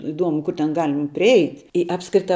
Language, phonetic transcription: Lithuanian, iˈduomu ˈkur ten ˈgalim priˈeit' i ˈapskrita

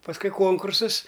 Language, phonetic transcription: Lithuanian, pasˈkui ˈkonkursas

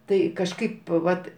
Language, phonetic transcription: Lithuanian, ˈtai kažˈkaip ˈvat

